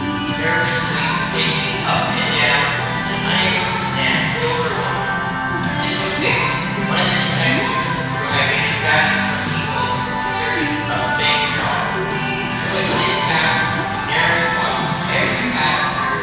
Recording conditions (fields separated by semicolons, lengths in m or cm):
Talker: one person; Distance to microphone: 7.1 m; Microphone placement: far; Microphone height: 1.7 m; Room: very reverberant, large; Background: music